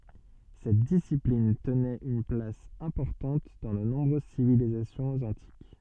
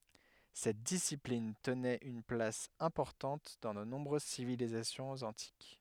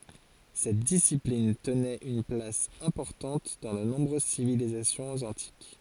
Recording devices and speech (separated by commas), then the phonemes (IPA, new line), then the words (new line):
soft in-ear microphone, headset microphone, forehead accelerometer, read sentence
sɛt disiplin tənɛt yn plas ɛ̃pɔʁtɑ̃t dɑ̃ də nɔ̃bʁøz sivilizasjɔ̃z ɑ̃tik
Cette discipline tenait une place importante dans de nombreuses civilisations antiques.